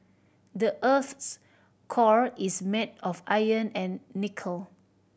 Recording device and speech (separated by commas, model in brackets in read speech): boundary microphone (BM630), read sentence